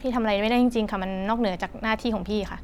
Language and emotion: Thai, frustrated